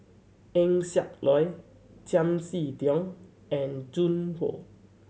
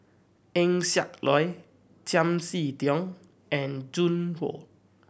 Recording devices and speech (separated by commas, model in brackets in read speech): mobile phone (Samsung C7100), boundary microphone (BM630), read sentence